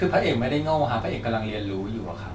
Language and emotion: Thai, neutral